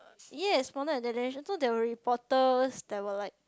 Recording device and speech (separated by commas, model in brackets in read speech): close-talking microphone, conversation in the same room